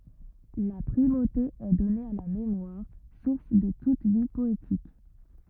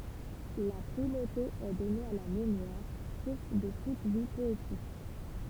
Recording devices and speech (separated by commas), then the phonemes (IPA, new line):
rigid in-ear microphone, temple vibration pickup, read sentence
la pʁimote ɛ dɔne a la memwaʁ suʁs də tut vi pɔetik